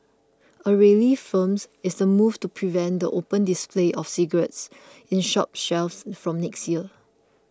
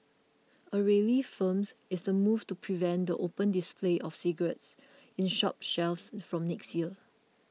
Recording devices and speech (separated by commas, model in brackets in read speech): close-talking microphone (WH20), mobile phone (iPhone 6), read sentence